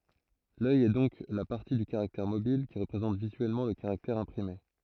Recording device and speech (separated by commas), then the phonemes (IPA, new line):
throat microphone, read sentence
lœj ɛ dɔ̃k la paʁti dy kaʁaktɛʁ mobil ki ʁəpʁezɑ̃t vizyɛlmɑ̃ lə kaʁaktɛʁ ɛ̃pʁime